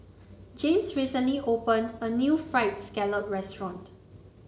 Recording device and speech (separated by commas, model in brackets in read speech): mobile phone (Samsung C9), read sentence